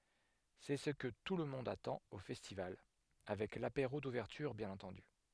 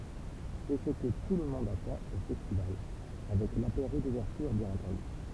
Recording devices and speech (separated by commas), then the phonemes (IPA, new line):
headset microphone, temple vibration pickup, read sentence
sɛ sə kə tulmɔ̃d atɑ̃t o fɛstival avɛk lapeʁo duvɛʁtyʁ bjɛ̃n ɑ̃tɑ̃dy